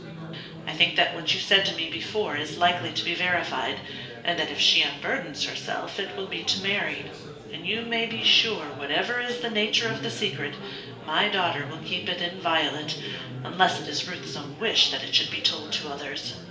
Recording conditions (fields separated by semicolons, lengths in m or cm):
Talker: one person; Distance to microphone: 1.8 m; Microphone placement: close; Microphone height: 1.0 m; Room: large; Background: babble